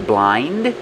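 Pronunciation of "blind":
In 'blind', the d at the end is not really heard.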